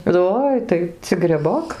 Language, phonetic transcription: Lithuanian, ˈoi tai cik greˈbok

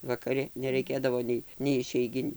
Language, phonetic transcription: Lithuanian, vakaˈri neraiˈkėdavo nei nei išeiˈginiu

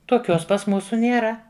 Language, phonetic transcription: Lithuanian, toˈkios pas ˈmūsu nėˈra

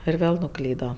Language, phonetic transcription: Lithuanian, ir ˈvėl nuˈklydo

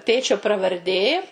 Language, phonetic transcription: Lithuanian, ˈtėčio pravarˈdė

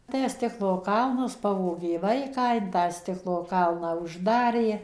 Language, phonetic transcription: Lithuanian, ˈtę ˈstiklo ˈkalnas ˈpavogė ˈvaiką in tą ˈstiklo ˈkalną užˈdarė

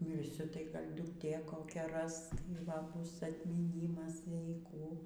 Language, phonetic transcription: Lithuanian, mirˈsiu tai ˈgal' dukˈtė koˈkia ˈras tai ˈva ˈbus atmyˈnymas jei ˈkų

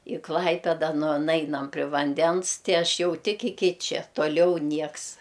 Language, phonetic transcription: Lithuanian, i ˈklaipeda nu ˈnainam pri vanˈdens ˈti ˈaš ˈjau ˈtik iˈki ˈčia toˈliau ˈnieks

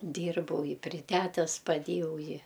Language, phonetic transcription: Lithuanian, ˈdyrbau i pri ˈtætes paˈdėjau ˈi

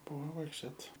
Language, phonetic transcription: Lithuanian, ˈbuvo ˈvaikščiot

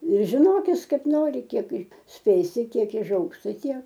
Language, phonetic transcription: Lithuanian, ir žiˈnokis ˈkaip ˈnori ˈkiek ˈspėsi ˈtiek iˈžaugs ˈtai ˈtiek

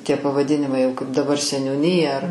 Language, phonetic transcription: Lithuanian, tie pavaˈdinimai jau kaip daˈbar seniūˈnyja ar

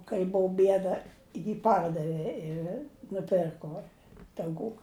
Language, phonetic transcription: Lithuanian, kai ˈbuu ˈbieda ji ˈpardavi i nuˈpirko tauˈkų

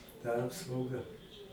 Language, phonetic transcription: Lithuanian, ta ˈapsauga

